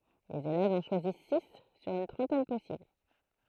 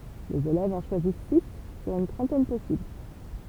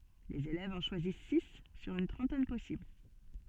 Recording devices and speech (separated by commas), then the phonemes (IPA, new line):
throat microphone, temple vibration pickup, soft in-ear microphone, read sentence
lez elɛvz ɑ̃ ʃwazis si syʁ yn tʁɑ̃tɛn pɔsibl